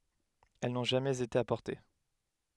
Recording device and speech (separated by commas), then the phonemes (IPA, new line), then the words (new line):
headset microphone, read sentence
ɛl nɔ̃ ʒamɛz ete apɔʁte
Elles n'ont jamais été apportées.